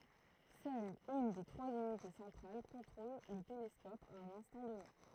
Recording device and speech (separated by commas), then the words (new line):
throat microphone, read sentence
Seule une des trois unités centrales contrôle le télescope à un instant donné.